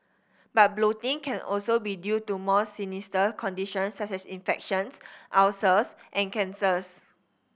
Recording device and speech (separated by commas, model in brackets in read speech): boundary microphone (BM630), read sentence